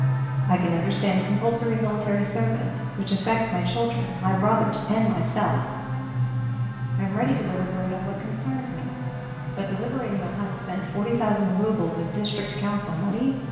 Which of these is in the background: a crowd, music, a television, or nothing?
A television.